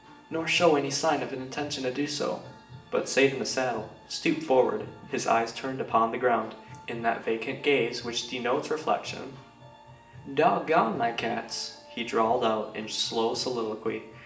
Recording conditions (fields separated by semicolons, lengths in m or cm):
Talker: one person; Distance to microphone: 1.8 m; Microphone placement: close; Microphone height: 1.0 m; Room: large; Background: music